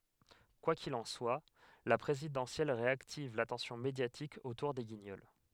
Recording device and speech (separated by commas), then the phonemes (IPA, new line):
headset microphone, read sentence
kwa kil ɑ̃ swa la pʁezidɑ̃sjɛl ʁeaktiv latɑ̃sjɔ̃ medjatik otuʁ de ɡiɲɔl